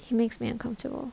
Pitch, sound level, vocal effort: 240 Hz, 72 dB SPL, soft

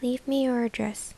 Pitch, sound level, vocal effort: 245 Hz, 74 dB SPL, soft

